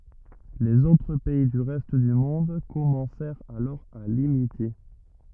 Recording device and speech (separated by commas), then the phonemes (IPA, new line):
rigid in-ear microphone, read sentence
lez otʁ pɛi dy ʁɛst dy mɔ̃d kɔmɑ̃sɛʁt alɔʁ a limite